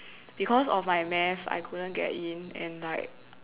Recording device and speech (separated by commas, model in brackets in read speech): telephone, conversation in separate rooms